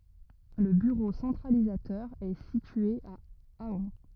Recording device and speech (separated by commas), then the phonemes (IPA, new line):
rigid in-ear microphone, read sentence
lə byʁo sɑ̃tʁalizatœʁ ɛ sitye a aœ̃